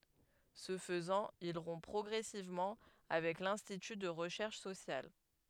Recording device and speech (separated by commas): headset microphone, read sentence